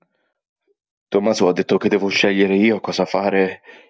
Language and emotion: Italian, fearful